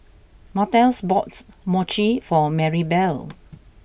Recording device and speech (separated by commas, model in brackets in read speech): boundary microphone (BM630), read sentence